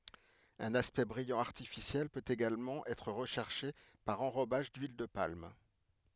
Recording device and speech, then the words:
headset microphone, read sentence
Un aspect brillant artificiel peut également être recherché par enrobage d'huile de palme.

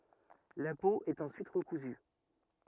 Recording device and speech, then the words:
rigid in-ear microphone, read sentence
La peau est ensuite recousue.

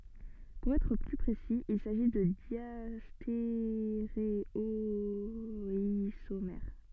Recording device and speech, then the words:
soft in-ear microphone, read sentence
Pour être plus précis, il s'agit de diastéréoisomères.

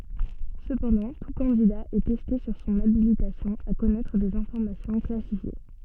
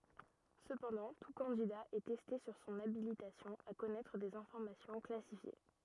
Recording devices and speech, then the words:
soft in-ear microphone, rigid in-ear microphone, read sentence
Cependant, tout candidat est testé sur son habilitation à connaître des informations classifiées.

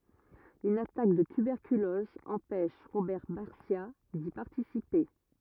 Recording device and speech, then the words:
rigid in-ear microphone, read sentence
Une attaque de tuberculose empêche Robert Barcia d'y participer.

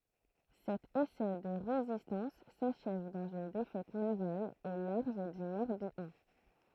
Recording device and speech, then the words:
throat microphone, read sentence
Cet essai de résistance s’achève dans une défaite navale au large du Morbihan.

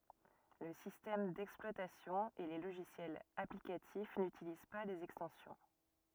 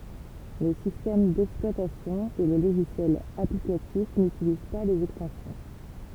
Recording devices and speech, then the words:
rigid in-ear microphone, temple vibration pickup, read sentence
Le système d'exploitation et les logiciels applicatifs n'utilisent pas les extensions.

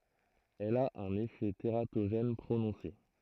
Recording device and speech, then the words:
throat microphone, read sentence
Elle a un effet tératogène prononcé.

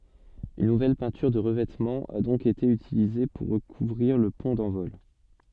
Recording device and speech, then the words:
soft in-ear microphone, read sentence
Une nouvelle peinture de revêtement a donc été utilisée pour recouvrir le pont d'envol.

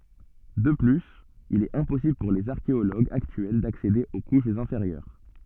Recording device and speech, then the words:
soft in-ear microphone, read sentence
De plus, il est impossible pour les archéologues actuels d'accéder aux couches inférieures.

